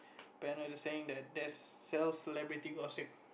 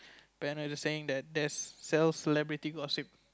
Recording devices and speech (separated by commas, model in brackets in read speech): boundary microphone, close-talking microphone, conversation in the same room